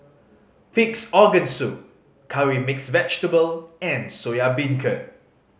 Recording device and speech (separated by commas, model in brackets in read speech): mobile phone (Samsung C5010), read sentence